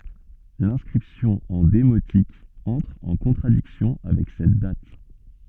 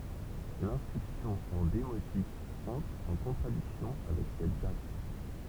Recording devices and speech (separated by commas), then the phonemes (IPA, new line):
soft in-ear microphone, temple vibration pickup, read sentence
lɛ̃skʁipsjɔ̃ ɑ̃ demotik ɑ̃tʁ ɑ̃ kɔ̃tʁadiksjɔ̃ avɛk sɛt dat